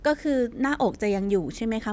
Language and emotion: Thai, neutral